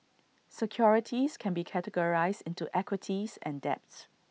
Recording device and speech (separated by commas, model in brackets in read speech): mobile phone (iPhone 6), read sentence